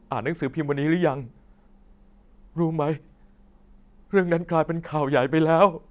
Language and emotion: Thai, sad